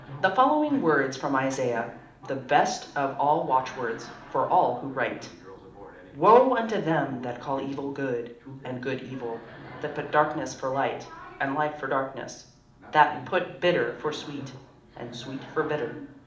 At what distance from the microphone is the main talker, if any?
2.0 m.